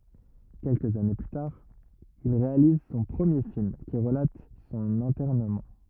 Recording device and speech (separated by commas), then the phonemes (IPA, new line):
rigid in-ear microphone, read sentence
kɛlkəz ane ply taʁ il ʁealiz sɔ̃ pʁəmje film ki ʁəlat sɔ̃n ɛ̃tɛʁnəmɑ̃